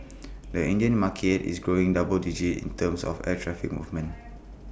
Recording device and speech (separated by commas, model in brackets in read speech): boundary microphone (BM630), read sentence